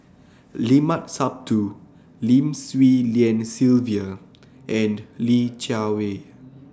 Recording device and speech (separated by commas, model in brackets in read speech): standing microphone (AKG C214), read sentence